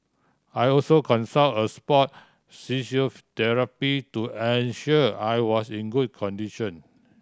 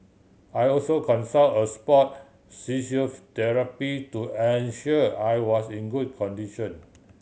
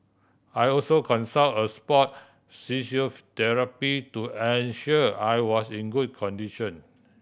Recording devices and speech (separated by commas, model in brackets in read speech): standing microphone (AKG C214), mobile phone (Samsung C7100), boundary microphone (BM630), read sentence